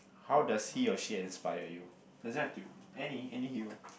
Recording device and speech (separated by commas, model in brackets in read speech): boundary microphone, conversation in the same room